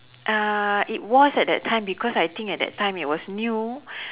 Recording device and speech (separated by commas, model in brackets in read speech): telephone, conversation in separate rooms